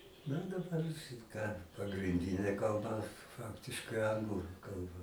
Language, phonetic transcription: Lithuanian, na daˈbar šit ką pagrinˈdinė kalˈba ˈfaktiškai ˈanglu ˈkalba

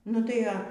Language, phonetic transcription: Lithuanian, nu ˈtai a

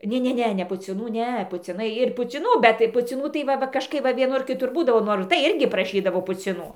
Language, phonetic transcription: Lithuanian, ˈne ˈne ne pucˈinų ˈne puciˈnai ir puciˈnų bet tai puciˈnų tai ˈva ˈva kažˈkaip va vieˈnur kiˈtur ˈbūdavo ˈnor ir tai ˈirgi praˈšydavo puciˈnų

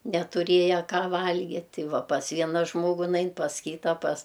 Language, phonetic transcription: Lithuanian, netuˈrėja ˈką ˈvalgit' ˈti ˈva pas ˈviena ˈžmogu ˈnain pas ˈkyta pas

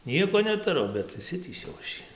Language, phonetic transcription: Lithuanian, ˈnieko netuˈru bet išˈsitįsiau aš ˈjį

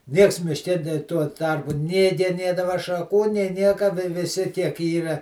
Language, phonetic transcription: Lithuanian, ˈnieks mišˈke nė tuo ˈtarpu nė geˈnėdava šaˈkų nė ˈnieka vi viˈsi kiek ˈyra

